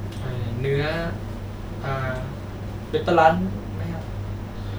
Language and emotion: Thai, neutral